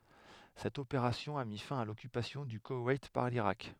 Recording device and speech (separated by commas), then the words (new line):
headset microphone, read sentence
Cette opération a mis fin à l'occupation du Koweït par l'Irak.